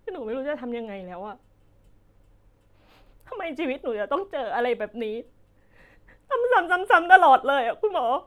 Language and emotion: Thai, sad